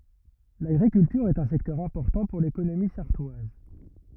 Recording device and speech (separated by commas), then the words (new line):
rigid in-ear microphone, read sentence
L'agriculture est un secteur important pour l'économie sarthoise.